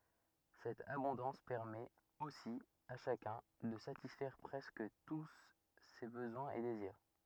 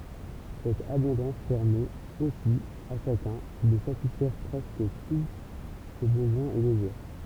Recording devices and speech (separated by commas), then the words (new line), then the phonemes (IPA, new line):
rigid in-ear microphone, temple vibration pickup, read sentence
Cette abondance permet, aussi, à chacun, de satisfaire presque tous ses besoins et désirs.
sɛt abɔ̃dɑ̃s pɛʁmɛt osi a ʃakœ̃ də satisfɛʁ pʁɛskə tu se bəzwɛ̃z e deziʁ